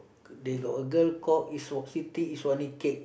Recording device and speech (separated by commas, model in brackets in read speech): boundary microphone, conversation in the same room